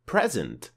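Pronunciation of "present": In 'present', the stress is on the first syllable.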